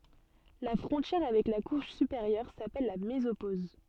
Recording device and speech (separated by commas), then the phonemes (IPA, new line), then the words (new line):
soft in-ear microphone, read sentence
la fʁɔ̃tjɛʁ avɛk la kuʃ sypeʁjœʁ sapɛl la mezopoz
La frontière avec la couche supérieure s'appelle la mésopause.